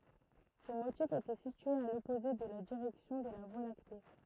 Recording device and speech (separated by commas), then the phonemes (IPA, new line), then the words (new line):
throat microphone, read sentence
sə motif etɛ sitye a lɔpoze də la diʁɛksjɔ̃ də la vwa lakte
Ce motif était situé à l'opposé de la direction de la Voie lactée.